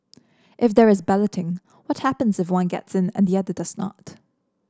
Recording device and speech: standing microphone (AKG C214), read sentence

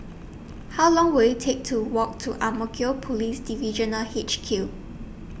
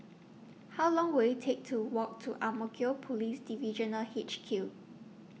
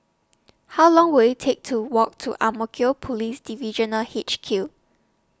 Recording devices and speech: boundary microphone (BM630), mobile phone (iPhone 6), standing microphone (AKG C214), read sentence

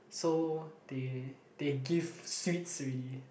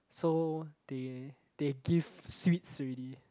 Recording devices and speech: boundary microphone, close-talking microphone, conversation in the same room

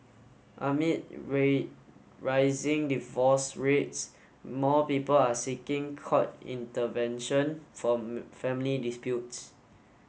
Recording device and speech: mobile phone (Samsung S8), read sentence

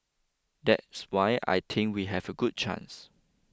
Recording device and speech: close-talking microphone (WH20), read sentence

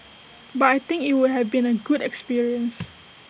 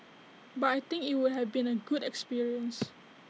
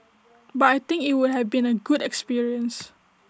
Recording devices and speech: boundary microphone (BM630), mobile phone (iPhone 6), standing microphone (AKG C214), read sentence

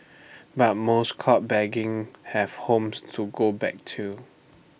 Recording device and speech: boundary microphone (BM630), read sentence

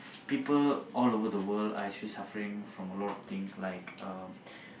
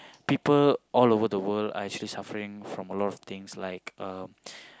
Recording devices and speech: boundary microphone, close-talking microphone, conversation in the same room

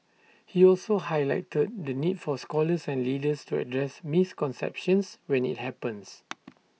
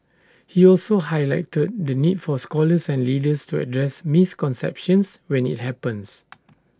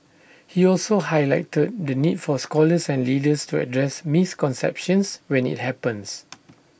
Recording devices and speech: mobile phone (iPhone 6), standing microphone (AKG C214), boundary microphone (BM630), read sentence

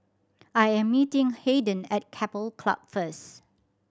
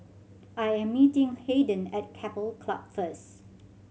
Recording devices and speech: standing microphone (AKG C214), mobile phone (Samsung C7100), read sentence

